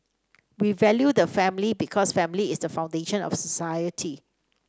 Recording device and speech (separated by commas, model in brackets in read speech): standing microphone (AKG C214), read sentence